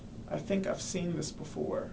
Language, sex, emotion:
English
male
neutral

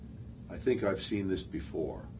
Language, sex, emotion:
English
male
neutral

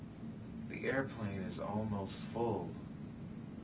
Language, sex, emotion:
English
male
neutral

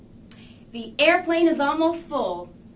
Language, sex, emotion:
English
female
neutral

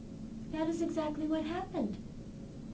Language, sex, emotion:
English
female
neutral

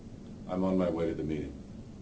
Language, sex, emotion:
English
male
neutral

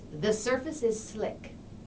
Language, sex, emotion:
English
female
neutral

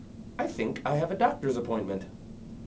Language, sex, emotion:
English
male
neutral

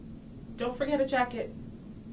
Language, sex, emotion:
English
female
neutral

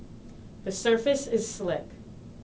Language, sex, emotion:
English
female
neutral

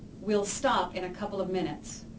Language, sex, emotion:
English
female
neutral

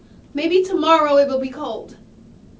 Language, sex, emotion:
English
female
angry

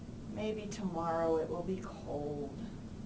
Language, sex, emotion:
English
female
sad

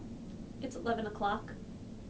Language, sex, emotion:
English
female
neutral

